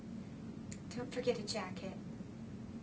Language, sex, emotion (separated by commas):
English, female, neutral